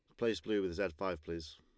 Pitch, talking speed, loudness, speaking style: 95 Hz, 265 wpm, -38 LUFS, Lombard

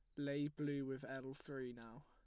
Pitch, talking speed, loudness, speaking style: 135 Hz, 195 wpm, -46 LUFS, plain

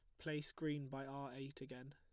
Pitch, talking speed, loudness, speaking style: 140 Hz, 210 wpm, -48 LUFS, plain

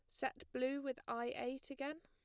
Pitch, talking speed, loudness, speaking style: 265 Hz, 200 wpm, -43 LUFS, plain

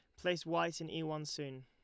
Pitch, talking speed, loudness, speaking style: 160 Hz, 250 wpm, -39 LUFS, Lombard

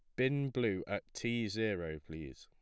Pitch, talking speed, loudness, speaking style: 110 Hz, 165 wpm, -37 LUFS, plain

